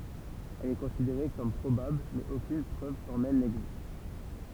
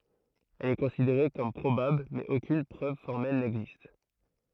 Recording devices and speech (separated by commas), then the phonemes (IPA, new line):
temple vibration pickup, throat microphone, read sentence
ɛl ɛ kɔ̃sideʁe kɔm pʁobabl mɛz okyn pʁøv fɔʁmɛl nɛɡzist